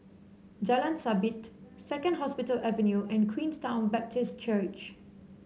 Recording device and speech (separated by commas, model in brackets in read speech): mobile phone (Samsung C7), read sentence